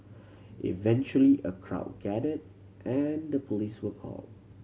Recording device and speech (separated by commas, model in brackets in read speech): mobile phone (Samsung C7100), read sentence